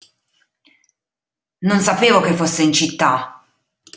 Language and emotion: Italian, angry